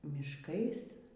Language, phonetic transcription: Lithuanian, mišˈkais

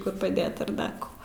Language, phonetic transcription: Lithuanian, kur paˈdėt ar ˈdar ko

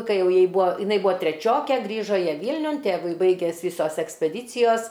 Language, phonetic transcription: Lithuanian, kai ˈjau ˈjai ˈbūa jiˈnai ˈbūa treˈčiokė ˈgrįžo ˈjie ˈvylniun ˈtėvui ˈbaiges ˈvysos ekspeˈdycijos

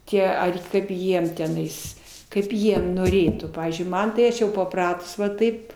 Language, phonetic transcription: Lithuanian, ˈtie ˈar ˈkaip ˈjiem teˈnais ˈkaip ˈjie noˈrėtų ˈpavyzdžiui ˈman tai ˈaš jau paˈpratus va ˈtaip

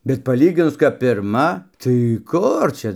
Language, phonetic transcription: Lithuanian, bet paˈlyginus kap pirˈma tai ˈkur čia

